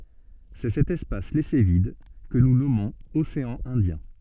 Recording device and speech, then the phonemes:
soft in-ear microphone, read sentence
sɛ sɛt ɛspas lɛse vid kə nu nɔmɔ̃z oseɑ̃ ɛ̃djɛ̃

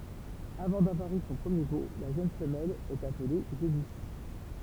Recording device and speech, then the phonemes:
temple vibration pickup, read sentence
avɑ̃ davwaʁ y sɔ̃ pʁəmje vo la ʒøn fəmɛl ɛt aple ʒenis

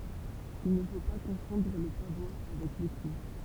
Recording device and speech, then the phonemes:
temple vibration pickup, read sentence
il nə fo pa kɔ̃fɔ̃dʁ lə pavwa avɛk leky

